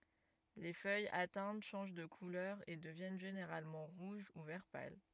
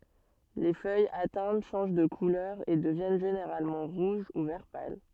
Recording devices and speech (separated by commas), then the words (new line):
rigid in-ear microphone, soft in-ear microphone, read sentence
Les feuilles atteintes changent de couleur et deviennent généralement rouges ou vert pâle.